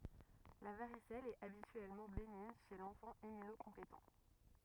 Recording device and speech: rigid in-ear microphone, read sentence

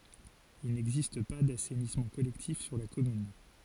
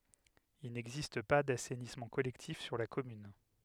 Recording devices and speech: forehead accelerometer, headset microphone, read sentence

